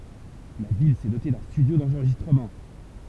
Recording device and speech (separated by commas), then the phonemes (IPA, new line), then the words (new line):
temple vibration pickup, read sentence
la vil sɛ dote dœ̃ stydjo dɑ̃ʁʒistʁəmɑ̃
La ville s’est dotée d’un studio d’enregistrement.